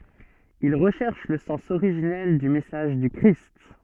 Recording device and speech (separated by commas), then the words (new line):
soft in-ear microphone, read sentence
Ils recherchent le sens originel du message du Christ.